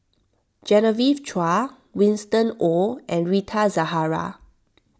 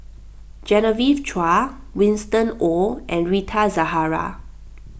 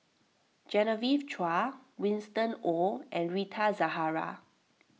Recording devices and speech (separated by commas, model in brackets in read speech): standing microphone (AKG C214), boundary microphone (BM630), mobile phone (iPhone 6), read sentence